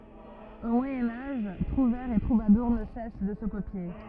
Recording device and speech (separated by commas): rigid in-ear microphone, read sentence